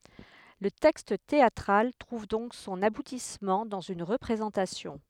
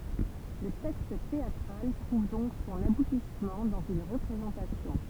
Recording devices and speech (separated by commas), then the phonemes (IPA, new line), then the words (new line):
headset microphone, temple vibration pickup, read sentence
lə tɛkst teatʁal tʁuv dɔ̃k sɔ̃n abutismɑ̃ dɑ̃z yn ʁəpʁezɑ̃tasjɔ̃
Le texte théâtral trouve donc son aboutissement dans une représentation.